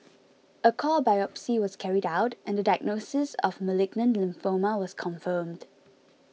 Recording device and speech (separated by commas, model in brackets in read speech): mobile phone (iPhone 6), read sentence